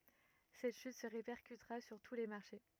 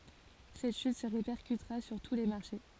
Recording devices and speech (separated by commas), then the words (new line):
rigid in-ear microphone, forehead accelerometer, read sentence
Cette chute se répercutera sur tous les marchés.